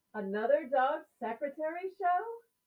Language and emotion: English, surprised